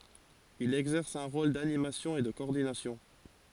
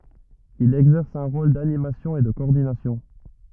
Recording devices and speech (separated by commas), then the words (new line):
forehead accelerometer, rigid in-ear microphone, read sentence
Il exerce un rôle d’animation et de coordination.